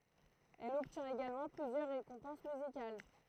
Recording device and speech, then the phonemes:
throat microphone, read sentence
ɛl ɔbtjɛ̃t eɡalmɑ̃ plyzjœʁ ʁekɔ̃pɑ̃s myzikal

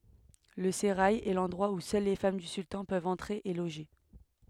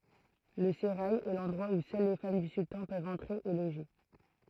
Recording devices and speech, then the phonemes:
headset microphone, throat microphone, read sentence
lə seʁaj ɛ lɑ̃dʁwa u sœl le fam dy syltɑ̃ pøvt ɑ̃tʁe e loʒe

